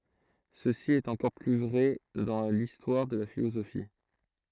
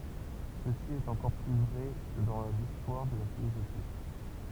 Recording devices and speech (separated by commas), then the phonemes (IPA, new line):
throat microphone, temple vibration pickup, read sentence
səsi ɛt ɑ̃kɔʁ ply vʁɛ dɑ̃ listwaʁ də la filozofi